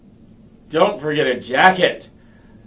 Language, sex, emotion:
English
male
angry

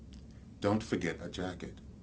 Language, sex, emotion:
English
male
neutral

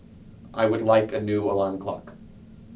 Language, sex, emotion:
English
male
neutral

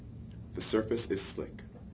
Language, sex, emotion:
English
male
neutral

